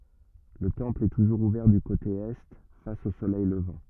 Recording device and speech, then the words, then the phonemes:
rigid in-ear microphone, read sentence
Le temple est toujours ouvert du côté Est, face au soleil levant.
lə tɑ̃pl ɛ tuʒuʁz uvɛʁ dy kote ɛ fas o solɛj ləvɑ̃

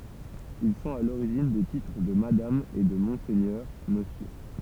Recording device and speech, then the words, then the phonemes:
temple vibration pickup, read sentence
Ils sont à l'origine des titres de madame et de monseigneur, monsieur.
il sɔ̃t a loʁiʒin de titʁ də madam e də mɔ̃sɛɲœʁ məsjø

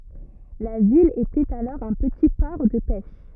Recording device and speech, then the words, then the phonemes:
rigid in-ear microphone, read sentence
La ville était alors un petit port de pêche.
la vil etɛt alɔʁ œ̃ pəti pɔʁ də pɛʃ

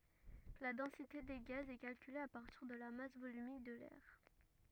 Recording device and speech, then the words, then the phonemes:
rigid in-ear microphone, read sentence
La densité des gaz est calculée à partir de la masse volumique de l'air.
la dɑ̃site de ɡaz ɛ kalkyle a paʁtiʁ də la mas volymik də lɛʁ

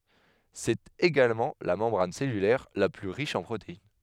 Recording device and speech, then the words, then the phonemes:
headset microphone, read sentence
C'est également la membrane cellulaire la plus riche en protéines.
sɛt eɡalmɑ̃ la mɑ̃bʁan sɛlylɛʁ la ply ʁiʃ ɑ̃ pʁotein

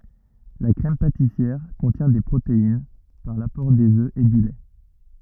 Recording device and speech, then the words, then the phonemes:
rigid in-ear microphone, read sentence
La crème pâtissière contient des protéines, par l'apport des œufs et du lait.
la kʁɛm patisjɛʁ kɔ̃tjɛ̃ de pʁotein paʁ lapɔʁ dez ø e dy lɛ

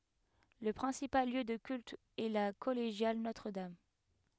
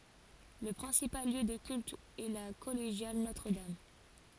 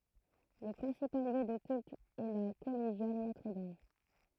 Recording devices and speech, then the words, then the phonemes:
headset microphone, forehead accelerometer, throat microphone, read sentence
Le principal lieu de culte est la collégiale Notre-Dame.
lə pʁɛ̃sipal ljø də kylt ɛ la kɔleʒjal notʁədam

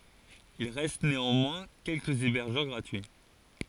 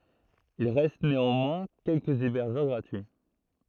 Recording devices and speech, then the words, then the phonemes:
forehead accelerometer, throat microphone, read sentence
Il reste néanmoins quelques hébergeurs gratuits.
il ʁɛst neɑ̃mwɛ̃ kɛlkəz ebɛʁʒœʁ ɡʁatyi

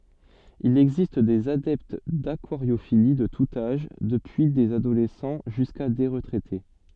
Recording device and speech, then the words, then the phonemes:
soft in-ear microphone, read sentence
Il existe des adeptes d'aquariophilie de tout âge, depuis des adolescents jusqu'à des retraités.
il ɛɡzist dez adɛpt dakwaʁjofili də tut aʒ dəpyi dez adolɛsɑ̃ ʒyska de ʁətʁɛte

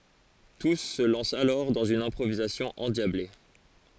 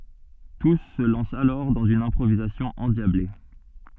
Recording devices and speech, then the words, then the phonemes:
forehead accelerometer, soft in-ear microphone, read sentence
Tous se lancent alors dans une improvisation endiablée.
tus sə lɑ̃st alɔʁ dɑ̃z yn ɛ̃pʁovizasjɔ̃ ɑ̃djable

